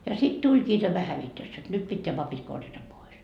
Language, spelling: Finnish, ja sitten tulikin tämä hävitys jotta nyt pitää papit korjata pois
- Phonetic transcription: ja sit 'tuĺkii tämä 'hävitös , jot 'nyt 'pitteä 'papit korjata pois .

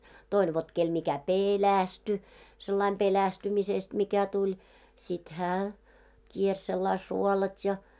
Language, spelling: Finnish, toinen vot kenelle mikä pelästyi sellainen pelästymisestä mikä tuli sitten hän kiersi sillä lailla suolat ja
- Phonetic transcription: 'toin vot kel mikä "peelästy , sellaim 'pelästymisest mikä 'tuĺ , sit 'hää , 'kiers sellai "suolat́ ja .

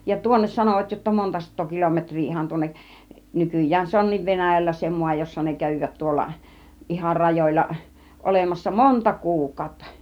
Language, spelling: Finnish, ja tuonne sanoivat jotta monta sataa kilometriä ihan tuonne nykyään se onkin Venäjällä se maa jossa ne kävivät tuolla ihan rajoilla olemassa monta kuukautta
- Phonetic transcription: ja 'tuonnes sanovat jotta 'monta sat̆too 'kolometŕ̆rii ihan 'tuonneˀ , "nykyj̆jään se 'on̆niiv "Venäjällä se 'mua , jossa ne 'kävivät tuolla , 'ihar "rajoĭl̆l̆a , 'olemassa "monta 'kuukăŭtta .

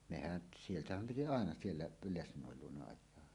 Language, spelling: Finnish, mehän sieltähän piti aina siellä - lesnoin luona ajaa
- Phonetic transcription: 'mehän , 'sieltähäm piti "àena siellä p- "lesǹòel 'luona 'aj̆joa .

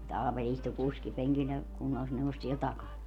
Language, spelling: Finnish, mutta Aapeli istui kuskipenkillä ja kunnallisneuvos siellä takana
- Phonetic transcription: mut 'Aapel istu 'kuskipeŋkil ja , 'kunnallisneuvos siel "takan .

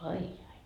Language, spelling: Finnish, ai ai ai
- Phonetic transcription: ai jai ai .

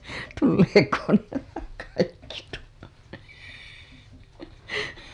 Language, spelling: Finnish, tuleekohan nämä kaikki tuonne
- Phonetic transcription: tulleekoon nämä kaikki tuo(nne) .

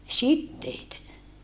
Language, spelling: Finnish, siteet
- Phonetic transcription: sitteet .

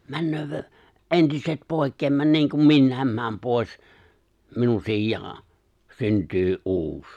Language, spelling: Finnish, - entiset pois - niin kuin minäkin menen pois minun sijaan syntyy uusi
- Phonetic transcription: 'männöövö- , '’entiset "pòi̬kkeem mä- 'niiŋkum 'minnä̀em määm 'pòi̬s , 'minun 'sij̆jaa , 'synt̀yy "’uus .

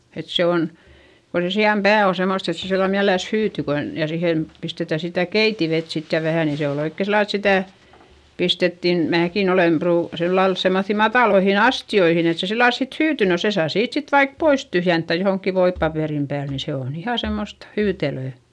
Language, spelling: Finnish, että se on kun se sian pää on semmoista että se sillä lailla mielellänsä hyytyy kun ja siihen pistetään sitä keitinvettä sitten ja vähän niin se oli oikein sillä lailla että sitä pistettiin minäkin olen - sillä lailla semmoisiin mataliin astioihin että se sillä lailla sitten hyytyi no sen saa siitä sitten vaikka pois tyhjentää johonkin voipaperin päälle niin se on ihan semmoista hyytelöä
- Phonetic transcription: et se on , ko se si₍am pää o semost ‿et se sillal miäleläs hyyty kon , ja sihen , pistetä sitä̀ keitivet sit ja vähä̀ ni se ol ‿oikke sillal ‿et sitä̀ , pistettin , määkin ‿olem pruu- , sillal semmoϑϑi matàloihin ‿astioihin ‿et se sillal sit hyyty - no se saa siit sit vaik pois tyhjenttä johoŋkki voippapèrim pääl ni se on ‿iha semmost , hyytelö̀ .

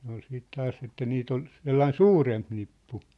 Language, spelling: Finnish, ne oli sitten taas että niitä oli sellainen suurempi nippu
- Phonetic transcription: ne ‿ol siit 'taas että 'niit ‿ol , 'sellaĭn "suuremp nippu .

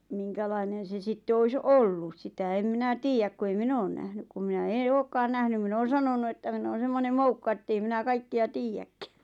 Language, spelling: Finnish, minkälainen se sitten olisi ollut sitä en minä tiedä kun ei minä ole nähnyt kun minä en olekaan nähnyt minä olen sanonut että minä olen semmoinen moukka että ei minä kaikkia tiedäkään
- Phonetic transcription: 'miŋkälainen̬ se 'sitte ois "ollus "sitä em 'minä "tiijäk ku ei "min ‿oon nähnyk kum minä "eḛ "ookkaan 'nähnym mi'n ‿oon̬ 'sanonu että 'min ‿oon̬ semmonem "moukka 'ettei minä 'kaikki₍a "tiijäkkᴀ̈ .

